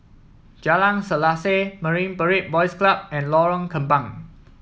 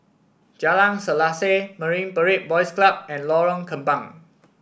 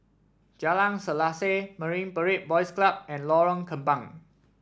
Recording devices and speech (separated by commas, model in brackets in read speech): mobile phone (iPhone 7), boundary microphone (BM630), standing microphone (AKG C214), read sentence